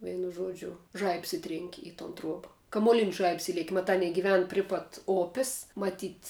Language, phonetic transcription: Lithuanian, ˈveinu ˈžuodžiu ˈžaibs ˈitrenki i ton ˈtruoba kamuoˈlinis ˈžaibs ˈilieki maˈtā ˈanie giˈven ˈpri pat ˈopis maˈtyt'

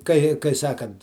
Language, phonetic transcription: Lithuanian, ˈkai kai ˈsakant

